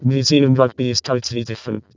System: VC, vocoder